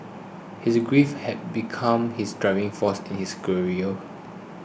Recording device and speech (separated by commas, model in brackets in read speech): boundary microphone (BM630), read sentence